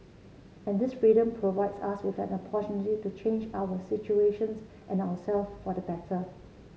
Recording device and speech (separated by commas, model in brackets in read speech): mobile phone (Samsung C7), read sentence